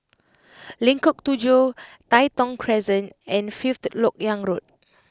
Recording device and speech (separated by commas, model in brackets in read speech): close-talking microphone (WH20), read sentence